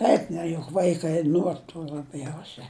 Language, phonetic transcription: Lithuanian, ˈeik ne juk ˈvaikai ˈnuor tų laˈbjausia

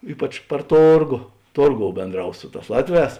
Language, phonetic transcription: Lithuanian, ˈypač par ˈtorgo ˈtorˌgou bėnˈdraus ˈsu ˌtās ˈlatˌvēs

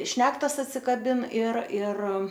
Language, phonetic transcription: Lithuanian, ˈšnektas atsikaˈbin ir ir

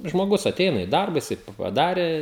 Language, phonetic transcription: Lithuanian, žmoˈgus aˈteina i ˈdarba jiˈsai paˈdarė

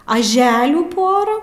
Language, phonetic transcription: Lithuanian, aˈželių ˈporą

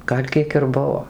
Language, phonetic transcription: Lithuanian, ˈgal' ˈkiek ir ˈbuvo

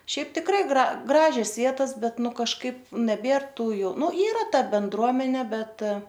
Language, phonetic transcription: Lithuanian, ˈšiaip tikˈrai ˈgra ˈgražias ˈvietas ˈbet ˈnu kažˈkaip neˈbėr ˈtų jau ˈnu ˈyra ˈta benˈdruomenė ˈbet

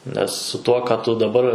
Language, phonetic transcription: Lithuanian, nes su ˈtuo ką ˈtu daˈbar

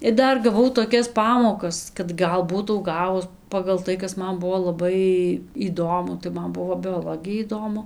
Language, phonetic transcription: Lithuanian, ir ˈdar gaˈvau toˈkias ˈpamokas kad ˈgal ˈbūtau ˈgavus pagal ˈtai ˈkas ˈman ˈbuvo laˈbai įˈdomu tai ˈman ˈbuvo bioˈlogija įˈdomu

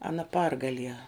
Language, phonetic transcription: Lithuanian, aˈna ˈpargalie

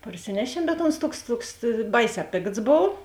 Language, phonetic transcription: Lithuanian, parˈsinešiem bet ons ˈtuoks ˈtuoks ˈbaiˌsē ˈpėkts ˈbov

